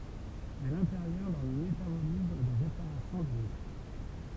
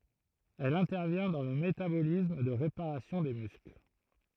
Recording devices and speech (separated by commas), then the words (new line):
temple vibration pickup, throat microphone, read sentence
Elle intervient dans le métabolisme de réparation des muscles.